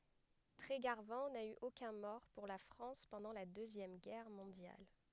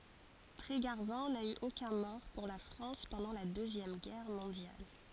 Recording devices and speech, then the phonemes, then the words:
headset microphone, forehead accelerometer, read sentence
tʁeɡaʁvɑ̃ na y okœ̃ mɔʁ puʁ la fʁɑ̃s pɑ̃dɑ̃ la døzjɛm ɡɛʁ mɔ̃djal
Trégarvan n'a eu aucun mort pour la France pendant la Deuxième Guerre mondiale.

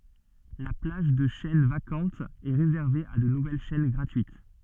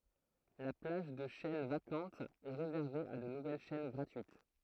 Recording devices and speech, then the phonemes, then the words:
soft in-ear microphone, throat microphone, read sentence
la plaʒ də ʃɛn vakɑ̃tz ɛ ʁezɛʁve a də nuvɛl ʃɛn ɡʁatyit
La plage de chaînes vacantes est réservée à de nouvelles chaînes gratuites.

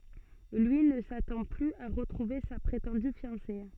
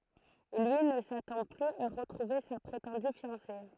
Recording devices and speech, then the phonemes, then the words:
soft in-ear microphone, throat microphone, read sentence
lyi nə satɑ̃ plyz a ʁətʁuve sa pʁetɑ̃dy fjɑ̃se
Lui ne s'attend plus à retrouver sa prétendue fiancée.

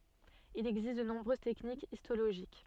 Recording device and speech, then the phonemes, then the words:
soft in-ear microphone, read sentence
il ɛɡzist də nɔ̃bʁøz tɛknikz istoloʒik
Il existe de nombreuses techniques histologiques.

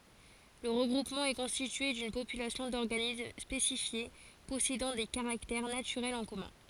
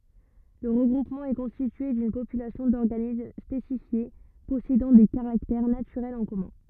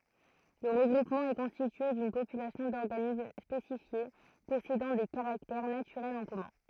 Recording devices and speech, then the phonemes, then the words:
forehead accelerometer, rigid in-ear microphone, throat microphone, read sentence
lə ʁəɡʁupmɑ̃ ɛ kɔ̃stitye dyn popylasjɔ̃ dɔʁɡanism spesifje pɔsedɑ̃ de kaʁaktɛʁ natyʁɛlz ɑ̃ kɔmœ̃
Le regroupement est constitué d'une population d'organismes spécifiés possédant des caractères naturels en commun.

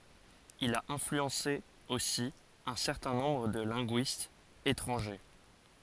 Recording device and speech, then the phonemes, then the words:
forehead accelerometer, read sentence
il a ɛ̃flyɑ̃se osi œ̃ sɛʁtɛ̃ nɔ̃bʁ də lɛ̃ɡyistz etʁɑ̃ʒe
Il a influencé aussi un certain nombre de linguistes étrangers.

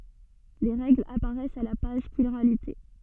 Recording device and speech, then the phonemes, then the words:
soft in-ear microphone, read sentence
le ʁɛɡlz apaʁɛst a la paʒ ʃiʁalite
Les règles apparaissent à la page Chiralité.

